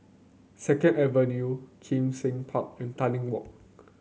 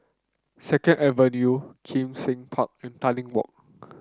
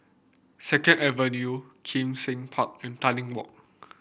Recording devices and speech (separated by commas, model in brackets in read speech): mobile phone (Samsung C9), close-talking microphone (WH30), boundary microphone (BM630), read sentence